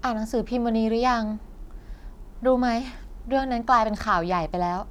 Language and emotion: Thai, frustrated